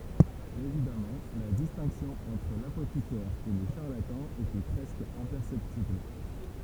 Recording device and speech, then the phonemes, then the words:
temple vibration pickup, read sentence
evidamɑ̃ la distɛ̃ksjɔ̃ ɑ̃tʁ lapotikɛʁ e lə ʃaʁlatɑ̃ etɛ pʁɛskə ɛ̃pɛʁsɛptibl
Évidemment, la distinction entre l'apothicaire et le charlatan était presque imperceptible.

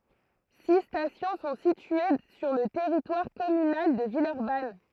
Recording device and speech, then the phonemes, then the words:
throat microphone, read sentence
si stasjɔ̃ sɔ̃ sitye syʁ lə tɛʁitwaʁ kɔmynal də vilœʁban
Six stations sont situées sur le territoire communal de Villeurbanne.

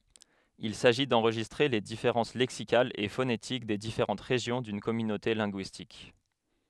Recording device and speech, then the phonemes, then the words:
headset microphone, read sentence
il saʒi dɑ̃ʁʒistʁe le difeʁɑ̃s lɛksikalz e fonetik de difeʁɑ̃t ʁeʒjɔ̃ dyn kɔmynote lɛ̃ɡyistik
Il s'agit d'enregistrer les différences lexicales et phonétiques des différentes régions d'une communauté linguistique.

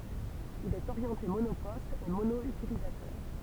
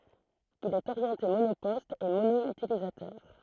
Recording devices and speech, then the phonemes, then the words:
temple vibration pickup, throat microphone, read sentence
il ɛt oʁjɑ̃te monopɔst e mono ytilizatœʁ
Il est orienté monoposte et mono-utilisateur.

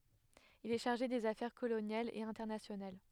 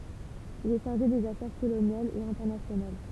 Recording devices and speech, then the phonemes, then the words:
headset microphone, temple vibration pickup, read sentence
il ɛ ʃaʁʒe dez afɛʁ kolonjalz e ɛ̃tɛʁnasjonal
Il est chargé des affaires coloniales et internationales.

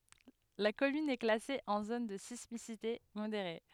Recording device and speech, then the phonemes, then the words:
headset microphone, read sentence
la kɔmyn ɛ klase ɑ̃ zon də sismisite modeʁe
La commune est classée en zone de sismicité modérée.

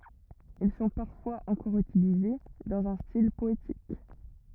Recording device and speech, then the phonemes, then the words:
rigid in-ear microphone, read sentence
il sɔ̃ paʁfwaz ɑ̃kɔʁ ytilize dɑ̃z œ̃ stil pɔetik
Ils sont parfois encore utilisés dans un style poétique.

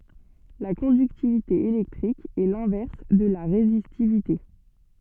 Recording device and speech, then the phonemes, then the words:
soft in-ear microphone, read sentence
la kɔ̃dyktivite elɛktʁik ɛ lɛ̃vɛʁs də la ʁezistivite
La conductivité électrique est l'inverse de la résistivité.

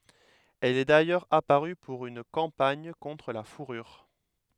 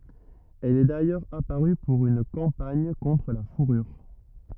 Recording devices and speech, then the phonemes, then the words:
headset microphone, rigid in-ear microphone, read sentence
ɛl ɛ dajœʁz apaʁy puʁ yn kɑ̃paɲ kɔ̃tʁ la fuʁyʁ
Elle est d'ailleurs apparue pour une campagne contre la fourrure.

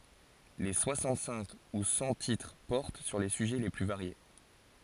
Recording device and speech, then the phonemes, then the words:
forehead accelerometer, read sentence
le swasɑ̃t sɛ̃k u sɑ̃ titʁ pɔʁt syʁ le syʒɛ le ply vaʁje
Les soixante-cinq ou cent titres portent sur les sujets les plus variés.

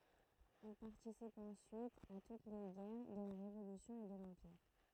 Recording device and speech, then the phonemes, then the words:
throat microphone, read sentence
il paʁtisip ɑ̃syit a tut le ɡɛʁ də la ʁevolysjɔ̃ e də lɑ̃piʁ
Il participe ensuite à toutes les guerres de la Révolution et de l'Empire.

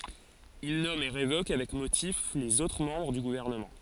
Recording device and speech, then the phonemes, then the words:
forehead accelerometer, read sentence
il nɔm e ʁevok avɛk motif lez otʁ mɑ̃bʁ dy ɡuvɛʁnəmɑ̃
Il nomme et révoque, avec motif, les autres membres du gouvernement.

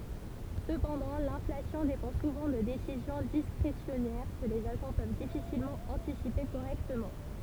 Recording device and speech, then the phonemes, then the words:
temple vibration pickup, read sentence
səpɑ̃dɑ̃ lɛ̃flasjɔ̃ depɑ̃ suvɑ̃ də desizjɔ̃ diskʁesjɔnɛʁ kə lez aʒɑ̃ pøv difisilmɑ̃ ɑ̃tisipe koʁɛktəmɑ̃
Cependant, l'inflation dépend souvent de décisions discrétionnaires, que les agents peuvent difficilement anticiper correctement.

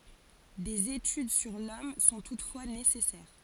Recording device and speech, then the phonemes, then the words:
forehead accelerometer, read sentence
dez etyd syʁ lɔm sɔ̃ tutfwa nesɛsɛʁ
Des études sur l'homme sont toutefois nécessaires.

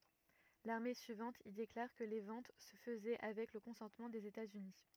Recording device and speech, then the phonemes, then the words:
rigid in-ear microphone, read sentence
lane syivɑ̃t il deklaʁ kə le vɑ̃t sə fəzɛ avɛk lə kɔ̃sɑ̃tmɑ̃ dez etatsyni
L'année suivante, il déclare que les ventes se faisait avec le consentement des États-Unis.

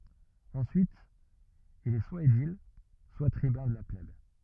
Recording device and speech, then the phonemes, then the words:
rigid in-ear microphone, read sentence
ɑ̃syit il ɛ swa edil swa tʁibœ̃ də la plɛb
Ensuite, il est soit édile, soit tribun de la plèbe.

